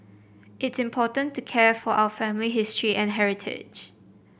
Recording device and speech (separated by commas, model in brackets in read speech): boundary microphone (BM630), read sentence